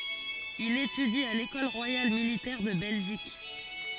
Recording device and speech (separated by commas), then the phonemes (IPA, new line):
forehead accelerometer, read sentence
il etydi a lekɔl ʁwajal militɛʁ də bɛlʒik